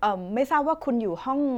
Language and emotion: Thai, neutral